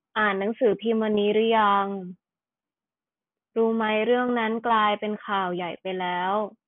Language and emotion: Thai, frustrated